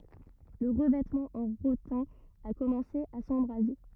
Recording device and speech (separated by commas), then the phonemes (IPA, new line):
rigid in-ear microphone, read sentence
lə ʁəvɛtmɑ̃ ɑ̃ ʁotɛ̃ a kɔmɑ̃se a sɑ̃bʁaze